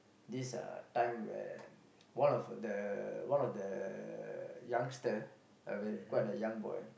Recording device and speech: boundary microphone, conversation in the same room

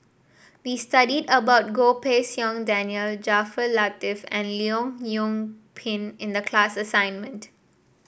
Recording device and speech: boundary microphone (BM630), read sentence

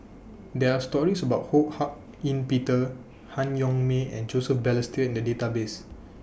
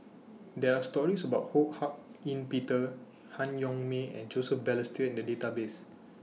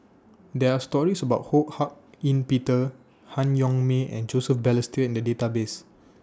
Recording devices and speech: boundary microphone (BM630), mobile phone (iPhone 6), standing microphone (AKG C214), read sentence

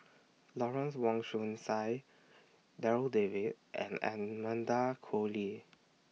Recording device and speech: mobile phone (iPhone 6), read sentence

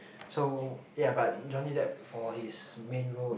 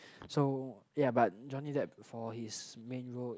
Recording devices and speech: boundary microphone, close-talking microphone, conversation in the same room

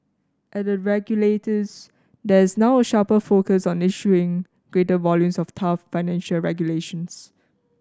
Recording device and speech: standing microphone (AKG C214), read sentence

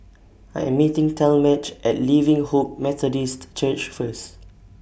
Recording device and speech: boundary microphone (BM630), read sentence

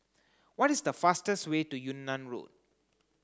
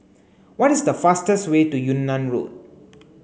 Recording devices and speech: close-talking microphone (WH30), mobile phone (Samsung C9), read sentence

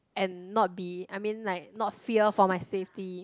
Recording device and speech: close-talking microphone, conversation in the same room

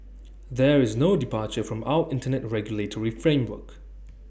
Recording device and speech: boundary microphone (BM630), read sentence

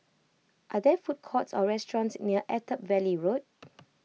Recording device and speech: mobile phone (iPhone 6), read sentence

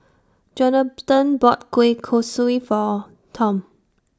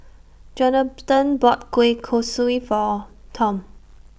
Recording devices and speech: standing microphone (AKG C214), boundary microphone (BM630), read sentence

